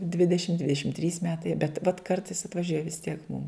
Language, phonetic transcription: Lithuanian, ˈdvidešim dvideˈšim trys ˈmetai bet vat ˈkartais atvaˈžiuoja vis tiek mūm

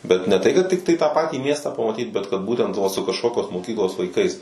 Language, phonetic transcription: Lithuanian, bet ne tai kad ˈtiktai tą ˈpatį miestą pamaˈtyt bet kad ˈbūtent va su kažˈkokios moˈkyklos vaiˈkais

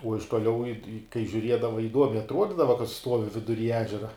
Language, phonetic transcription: Lithuanian, uo iš tuoˈliau i i kai žiūˈriedava iˈduomiai atˈruodydavo kad ˈstuovi viduˈry ˈežera

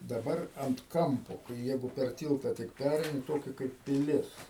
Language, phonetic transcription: Lithuanian, daˈbar ant ˈkampo kai ˈjeigu per ˈtylta tik ˈpæreini ˈtokia kaip piˈlis

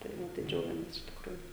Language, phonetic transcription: Lithuanian, tai ˈva tai ˈdžiaugiamės iš tikˈrųju

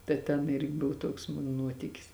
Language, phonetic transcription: Lithuanian, ta ˈten ˈirgi ˈbuv ˈtuoks ˈmun ˈnuotikis

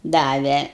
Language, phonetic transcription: Lithuanian, ˈdave

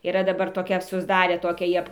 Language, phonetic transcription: Lithuanian, yˈra daˈbar toˈkia susˈdarė ˈtokią ˈjie

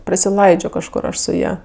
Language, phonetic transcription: Lithuanian, prasiˈlaidžio kažˈkur ˈaš su ˈja

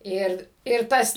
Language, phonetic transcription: Lithuanian, ˈir ir ˈtas

